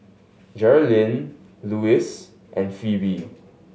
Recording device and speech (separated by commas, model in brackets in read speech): mobile phone (Samsung S8), read sentence